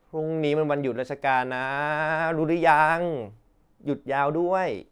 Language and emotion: Thai, frustrated